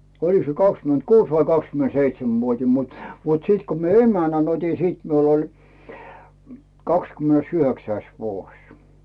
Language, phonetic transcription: Finnish, oliks se 'kakskyment"kuus vai 'kakskymen"seitsem'vuot́im mut , mut 'sìt ko mie "emänän 'ot́i "sìt miul ‿oĺ , 'kakskymᵉnes"yhöksäis 'vuoś .
- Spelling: olikos se kaksikymentäkuusi vai kaksikymentäseitsemänvuotinen mutta mutta sitten kun minä emännän otin sitten minulla oli kahdeskymmenesyhdeksäs vuosi

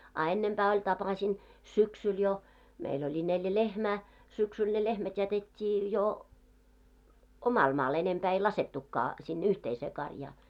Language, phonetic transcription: Finnish, a 'ennempää oĺ 'tapasin , "syksyl jo , 'meil ‿oĺi 'neljä "lehmää , 'syksyl ne 'lehmät jätet́t́ii jo , "omal 'maal , enempää ei 'lasettukkaa , sinne "yhteisee 'karjaa .
- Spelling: a ennempää oli tapasin syksyllä jo meillä oli neljä lehmää syksyllä ne lehmät jätettiin jo omalle maalle enempää ei laskettukaan sinne yhteiseen karjaa

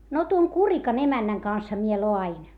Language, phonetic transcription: Finnish, » » no tuoŋ Kurikan ‿emännäŋ kansha mie loa₍in .
- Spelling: no tuon Kurikan emännän kanssahan minä laadin

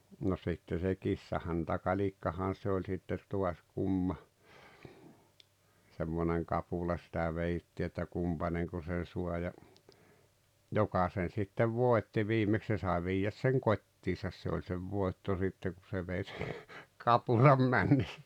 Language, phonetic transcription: Finnish, no sitte se "kissahäntä'kaĺikkahan̬ se oĺ sitte 'to̭as 'kumma , semmoneŋ 'kapula sitä 'veittii että 'kumpaneŋko sen 'sua ja , "joka sen̬ sittev "vòetti 'vimeks 'se sái 'vijäs seŋ "kot́tisas se oĺ sev 'vòetto sitte ku se vei se , "kapulam "männess(ᴀ̈) .
- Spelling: no sitten se kissahäntäkalikkahan se oli sitten taas kumma semmoinen kapula sitä vedettiin että kumpainenko sen saa ja joka sen sitten voitti viimeksi se sai viedä sen kotiinsa se oli sen voitto sitten kun se vei se kapulan mennessään

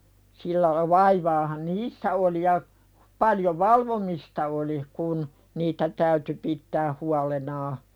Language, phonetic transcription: Finnish, sillä la- 'vaivaahan "niissä oli ja , 'paljo "valvomista oli kun , 'niitä täyty pittää "hualenaa .
- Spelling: sillä - vaivaahan niissä oli ja paljon valvomista oli kun niitä täytyi pitää huolenaan

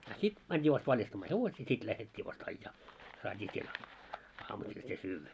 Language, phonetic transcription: Finnish, a 'sit , mänit́i vast 'valjastammaa "hevosii 'sit lähet́t́ii vast 'aijjaa , saat́ii siel , aamusil se 'syyvvä .
- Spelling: a sitten mentiin vasta valjastamaan hevosia sitten lähdettiin vasta ajaa saatiin siellä aamusilla se syödä

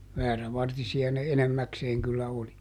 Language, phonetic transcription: Finnish, ˈväärävartisi₍a ne "enemmäkseeŋ kyllä ˈoli .
- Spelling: väärävartisia ne enimmäkseen kyllä oli

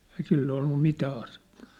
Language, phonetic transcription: Finnish, ei sill ‿ollu 'mitää asettᴀ .
- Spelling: ei sillä ollut mitään asetta

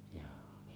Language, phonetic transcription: Finnish, ᴊᴏᴏ .
- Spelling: joo

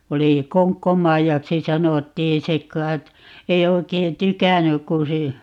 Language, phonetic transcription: Finnish, 'oli - "Koŋkkomaijaksi 'sanottii - "se k̀ai̮t , ei 'oi̮kei "tykännyk ku si- , .
- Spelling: oli Konkko-Maijaksi sanottiin se kai ei oikein tykännyt kun -

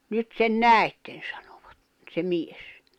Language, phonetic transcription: Finnish, » 'nyt sen "nä̀i̬tten « sᴀɴᴏᴠᴀt , se 'mies .
- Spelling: nyt sen näitte sanovat se mies

